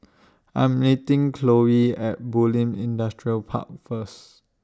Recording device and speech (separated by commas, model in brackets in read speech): standing microphone (AKG C214), read sentence